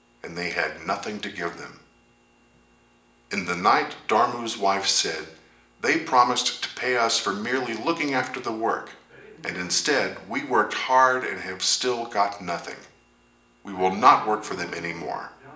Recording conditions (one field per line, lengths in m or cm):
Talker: one person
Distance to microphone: 1.8 m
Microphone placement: close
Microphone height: 1.0 m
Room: large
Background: television